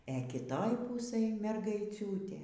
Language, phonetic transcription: Lithuanian, e ˈkitoj ˈpūsɘj mergaiˈciūtė

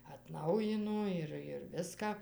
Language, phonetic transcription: Lithuanian, atˈnaujino ir ir ˈviską

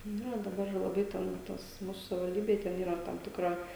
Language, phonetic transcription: Lithuanian, ˈnu jau daˈbar laˈbai ten ˈtos ˈmūsu savivalˈdybėj ten ˈyra ˈtam tikˈra

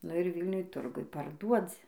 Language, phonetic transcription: Lithuanian, nu ir ˈvylniuj ˈturguj parˈduodzi

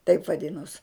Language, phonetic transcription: Lithuanian, taip vaˈdinos

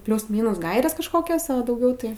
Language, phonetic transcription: Lithuanian, ˈpliūs ˈmynūs ˈgairės kažˈkokios a dauˈgiau tai

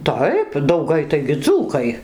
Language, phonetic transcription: Lithuanian, ˈtaip dauˈgai taigi ˈdzūkai

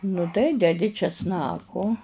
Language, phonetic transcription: Lithuanian, nu ˈtai deˈdi česˈnako

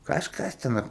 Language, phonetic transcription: Lithuanian, kažˈkas ˈten a

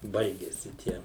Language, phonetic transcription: Lithuanian, ˈbaigiasi ˈtie

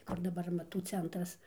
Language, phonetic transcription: Lithuanian, ˈkur daˈbar amaˈtų ˈcentras

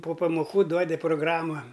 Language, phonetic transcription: Lithuanian, po pamoˈkų ˈduodi proˈgrama

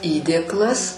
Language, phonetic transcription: Lithuanian, ˈįdėklas

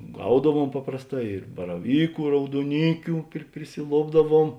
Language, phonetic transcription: Lithuanian, ˈgaudaˌvuom ˈ paprasˌtā ir baraˈvyku i rauduoˈnykiu pri prisiˈlopdaˌvuom

